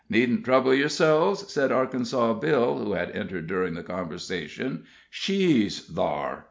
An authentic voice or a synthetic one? authentic